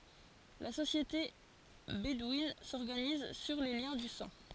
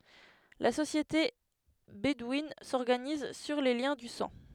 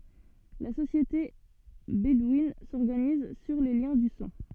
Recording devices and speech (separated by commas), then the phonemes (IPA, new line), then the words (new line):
forehead accelerometer, headset microphone, soft in-ear microphone, read sentence
la sosjete bedwin sɔʁɡaniz syʁ le ljɛ̃ dy sɑ̃
La société bédouine s’organise sur les liens du sang.